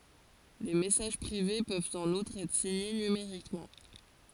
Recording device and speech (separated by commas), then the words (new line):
forehead accelerometer, read sentence
Les messages privés peuvent en outre être signés numériquement.